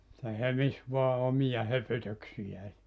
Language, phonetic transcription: Finnish, se 'hömis vua 'omija 'höpötöksijää .
- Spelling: se hömisi vain omia höpötyksiään

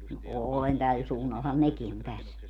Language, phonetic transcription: Finnish, no "òlen 'täl suunnalhan "neki on 'täs .
- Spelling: no olen tällä suunnallahan nekin on tässä

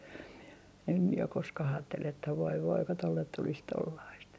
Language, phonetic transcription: Finnish, em mie ok 'koska'h ‿aattel ‿että » voi voi ko tollet tulis tollaist » .
- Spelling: en minä ole koskaan ajatellut että voi voi kun tuolle tulisi tuollaista

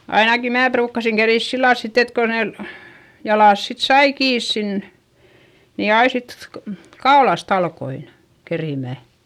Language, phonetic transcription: Finnish, ainaki mää pruukkasiŋ kerìs sillal sit ‿et ko nen , jalàs sit sai kiis sin , ni ai sit ko- , kaolast ‿alkoin , kerìmä .
- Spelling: ainakin minä ruukasin keritä sillä lailla sitten että kun ne jalat sitten sai kiinni sinne niin aina sitten kun kaulasta aloin keritsemään

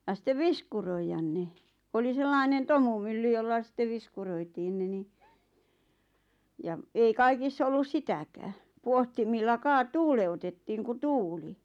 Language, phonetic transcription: Finnish, ja sⁱttev "viskuroijan 'ne , "oli 'sellainen 'tomumylly jolla sⁱtte 'viskuroitiin ne ni , 'ja , ei 'kaikiss ‿ollus "sitäkää , 'puohtimilla 'kaa- 'tuule₍utettiiŋ ku "tuuli .
- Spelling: ja sitten viskuroida ne oli sellainen tomumylly jolla sitten viskuroitiin ne niin ja ei kaikissa ollut sitäkään pohtimilla - tuuleutettiin kun tuuli

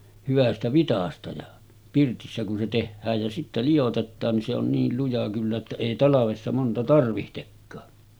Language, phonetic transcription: Finnish, 'hyvästä vitasta ja , 'pirtissä kun se 'tehhääj jä sittä 'lijotettaan ni se ‿on 'niil luja kyllä että èi 'talavessa monta 'tarvihtekkaa .
- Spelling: hyvästä vitsasta ja pirtissä kun se tehdään ja sitten liotetaan niin se on niin luja kyllä että ei talvessa monta tarvitsekaan

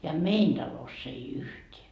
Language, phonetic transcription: Finnish, ja "mein Daloss ‿ei 'yhteä .
- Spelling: ja meidän talossa ei yhtään

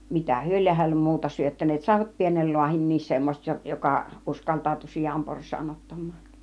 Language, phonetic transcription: Finnish, mitä 'hyö lieh hällem "muuta 'syöttän̆neet , 'sàivat 'pienel 'luahinnis semmoset 'jo- , 'jokà , 'uskalt̀àutu "sijampors̆saan 'ottam̆maan .
- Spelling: mitä he lie hänelle muuta syöttäneet saivat pienen lahdinkin semmoiset - joka uskaltautui sianporsaan ottamaan

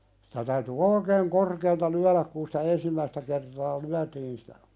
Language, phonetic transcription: Finnish, sɪtä täyty "oikeeŋ 'korkeelta 'lyäläk kun sitä "ensimmäistä kertaa 'lyätiin sⁱtä ,.
- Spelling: sitä täytyi oikein korkealta lyödä kun sitä ensimmäistä kertaa lyötiin sitä

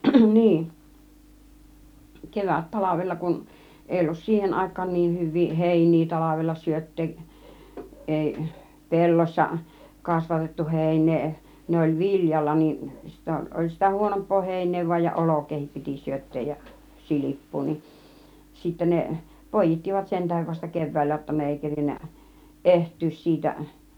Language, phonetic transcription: Finnish, 'niin , 'kevät "talavella kun , 'èi ollus "siihen 'àik̆kaan 'niin 'hyv̆vii "hèin̆nii "talavella 'syöt̆teeˀ , 'ˀèi , "pellossa , 'kasvatettu "hèin̆nee , 'ne oĺ "vil͕jalla nin , sittä oĺ sitä 'huonomp̆poo 'héin̆nee v°aj ja "olok̆keehip piti 'syöt̆teej ja , "silip̀puu nin , sittä 'ne , "pòij̆jittivat 'sentähev vasta "kev̆vä̀illä jotta ne èi 'kerinnä , "eht̆tyys siitäˀ . ...
- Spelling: niin - kevättalvella kun ei ollut siihen aikaan niin hyviä heiniä talvella syöttää ei pellossa kasvatettu heinää ne oli viljalla niin sitten oli sitä huonompaa heinää vain ja olkeakin piti syöttää ja silppua niin sitten ne poi'ittivat sen tähden vasta keväällä jotta ne ei kerinnyt ehtyä siitä

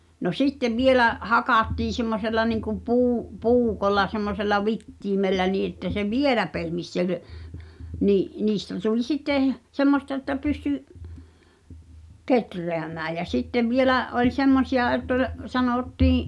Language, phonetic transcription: Finnish, no "sittev 'vielä , 'hakàttii semmosella niŋkum 'puu- , -'puukolla semmosella "vittiimellä nii että se "vielä 'pehmis sel , 'nii’ , 'niistä tuĺ "sittè , 'semmosta ᵉttä pysty , "ketreämää jä 'sittev 'vielä’ , ’oĺ 'semmosi₍a ett ‿ol , sanòttiiḭ ,.
- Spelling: no sitten vielä hakattiin semmoisella niin kuin - puukolla semmoisella vitimellä niin että se vielä pehmisi sen niin niistä tuli sitten semmoista että pystyi kehräämään ja sitten vielä oli semmoisia että oli sanottiin

